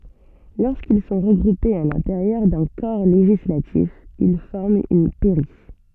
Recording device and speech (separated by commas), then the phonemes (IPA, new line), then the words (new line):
soft in-ear microphone, read sentence
loʁskil sɔ̃ ʁəɡʁupez a lɛ̃teʁjœʁ dœ̃ kɔʁ leʒislatif il fɔʁmt yn pɛʁi
Lorsqu'ils sont regroupés à l'intérieur d'un corps législatif, ils forment une pairie.